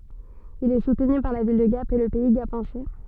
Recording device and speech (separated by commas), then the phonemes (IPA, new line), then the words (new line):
soft in-ear microphone, read sentence
il ɛ sutny paʁ la vil də ɡap e lə pɛi ɡapɑ̃sɛ
Il est soutenu par la ville de Gap et le Pays gapençais.